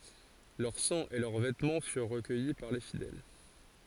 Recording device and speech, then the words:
forehead accelerometer, read sentence
Leur sang et leurs vêtements furent recueillis par les fidèles.

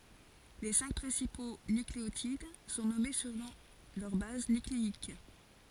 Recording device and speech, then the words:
forehead accelerometer, read sentence
Les cinq principaux nucléotides sont nommés selon leur base nucléique.

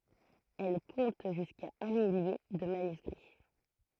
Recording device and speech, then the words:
throat microphone, read sentence
Elle compte jusqu’à un millier de manuscrits.

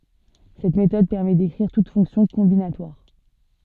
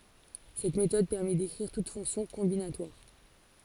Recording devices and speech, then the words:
soft in-ear microphone, forehead accelerometer, read sentence
Cette méthode permet d'écrire toute fonction combinatoire.

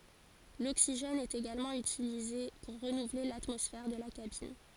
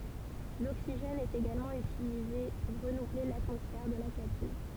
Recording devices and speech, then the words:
forehead accelerometer, temple vibration pickup, read sentence
L'oxygène est également utilisé pour renouveler l'atmosphère de la cabine.

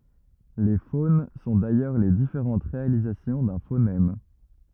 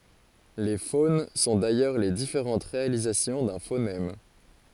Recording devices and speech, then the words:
rigid in-ear microphone, forehead accelerometer, read sentence
Les phones sont d'ailleurs les différentes réalisations d'un phonème.

